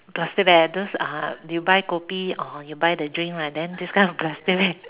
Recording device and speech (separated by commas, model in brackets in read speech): telephone, conversation in separate rooms